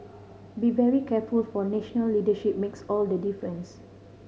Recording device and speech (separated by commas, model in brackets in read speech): mobile phone (Samsung C5010), read sentence